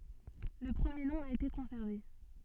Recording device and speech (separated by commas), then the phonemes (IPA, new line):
soft in-ear microphone, read sentence
lə pʁəmje nɔ̃ a ete kɔ̃sɛʁve